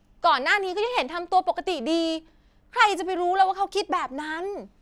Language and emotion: Thai, frustrated